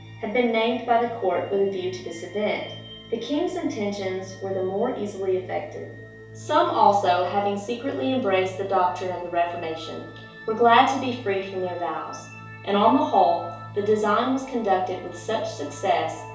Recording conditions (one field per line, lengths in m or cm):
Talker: one person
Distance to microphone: 3.0 m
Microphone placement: far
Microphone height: 1.8 m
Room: small (3.7 m by 2.7 m)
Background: music